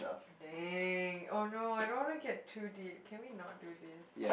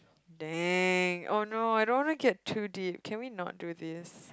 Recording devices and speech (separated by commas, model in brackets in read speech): boundary microphone, close-talking microphone, conversation in the same room